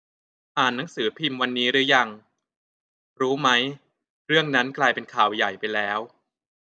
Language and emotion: Thai, neutral